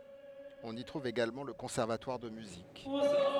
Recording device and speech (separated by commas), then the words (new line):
headset microphone, read sentence
On y trouve également le conservatoire de musique.